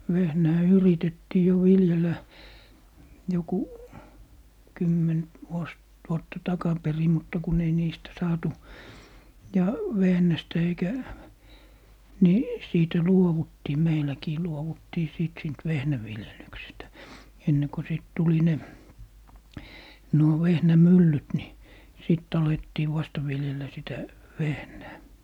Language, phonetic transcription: Finnish, 'vehnää "yritettii jo "viljelä , joku , 'kymmen- , vuos , 'vuotta "takaperi mutta kun ‿ei niistä 'saatu , ja 'vehnästä eikä , ni , 'siitä "luowuttii "meiläkii 'luowuttii sìt 'siint "vehnäviljelyksestä , enne ko 'sìt tuli 'ne , 'nuo 'vehnä"myllyt ni , 'sìt't ‿alettii 'vasta viljel̀ä sitä , "vehnää .
- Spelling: vehnää yritettiin jo viljellä joku - vuosi vuotta takaperin mutta kun ei niistä saatu ja vehnästä eikä niin siitä luovuttiin meilläkin luovuttiin sitten siitä vehnäviljelyksestä ennen kun sitten tuli ne nuo vehnämyllyt niin sitten alettiin vasta viljellä sitä vehnää

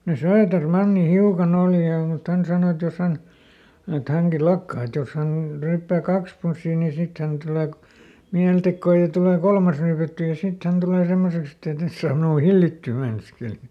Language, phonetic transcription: Finnish, [sem]mone "Sööterˈmanni ˈhiukaˈn ‿òli ja mut ˈhän sàno et » ˈjos hän » , et » ˈhäŋki "lakkai » et » jos hän , ˈryyppää "kaks punssii nii ˈsit tulee ko- , ˈmiältekkoo ja tulè "kolmas ryypättyy ja ˈsit hän tulè ˈsemmoseks ‿ett ‿ei ˈtes saam ˈminuu "hillittyy » ˈmeinaskeli .
- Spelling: semmoinen Söderman hiukan oli ja mutta hän sanoi että jos hän että hänkin lakkasi että jos hän ryyppää kaksi punssia niin sitten tulee - mielitekoa ja tulee kolmas ryypättyä ja sitten hän tulee semmoiseksi että ei tässä saa minua hillittyä meinaskeli

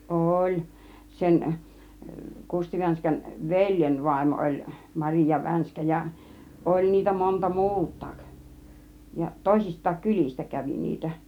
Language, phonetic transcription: Finnish, oĺ , 'sen , 'Kusti Vänskän "veĺjen 'vàimo oĺ "Mariija 'Vänskä ja , "oĺ niitä monta "muut̆taak , ja 'tòisist̆taak "kylis̆tä 'kävi 'niitä .
- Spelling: oli sen Kusti Vänskän veljen vaimo oli Maria Vänskä ja oli niitä monta muutakin ja toisistakin kylistä kävi niitä

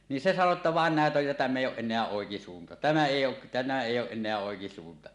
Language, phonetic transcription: Finnish, niin se sano ‿tta 'vàen 'nä̀et ‿oj ja tämm ‿èij̆j ‿ooˀ ˀen̆neä "òekisuunta , "tämä èij ‿oo , tämä "èijj ‿ooˀ 'ˀen̆neä 'òekisuunta « .
- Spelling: niin se sanoi jotta vain näet on ja tämä ei ole enää oikisuunta tämä ei ole tämä ei ole enää oikisuunta

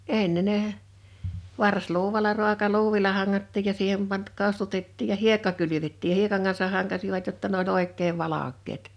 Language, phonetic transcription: Finnish, 'enne ne , 'vars'luuwala 'ru̬aka'luuvila 'haŋŋattiij ja 'siihem pant- 'ko̭stutettiij ja "hiekka 'kylyvettii(j) j)a 'hiekaŋ kansah̆ 'haŋkasivat jotta n ‿o"ĺ ‿òik̆keev 'valak̆keet .
- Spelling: ennen ne varsiluudalla ruokaluudilla hangattiin ja siihen - kostutettiin ja hiekka kylvettiin ja hiekan kanssa hankasivat jotta ne oli oikein valkeat

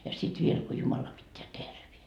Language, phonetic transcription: Finnish, ja 'sit viel ko 'Jumala pitteä "tervien .
- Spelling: ja sitten vielä kun Jumala pitää terveenä

